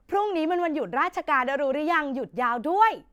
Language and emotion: Thai, happy